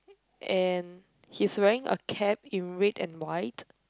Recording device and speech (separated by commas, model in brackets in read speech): close-talking microphone, conversation in the same room